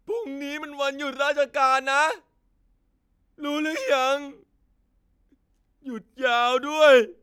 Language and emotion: Thai, sad